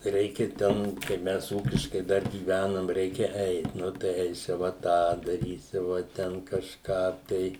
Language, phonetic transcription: Lithuanian, ˈreikia ˈten kaip ˈmes ˈūkiškai ˈdar gyˈvænam ˈreikia ˈeit ˈnu tai ˈeisiva ˈtą daˈrysiva ˈten kažˈką tai

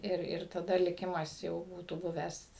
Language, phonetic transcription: Lithuanian, ˈir ir taˈda liˈkimas jau ˈbūtų ˈbuvęs

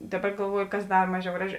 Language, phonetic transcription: Lithuanian, ˈdaˌba galˈvuoju kas ˈdar ˈmaˌžiau ˈgraˌži

